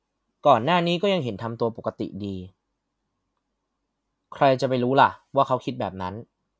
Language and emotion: Thai, neutral